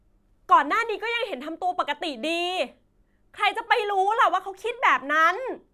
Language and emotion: Thai, angry